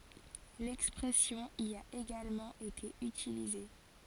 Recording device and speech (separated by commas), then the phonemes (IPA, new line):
forehead accelerometer, read sentence
lɛkspʁɛsjɔ̃ i a eɡalmɑ̃ ete ytilize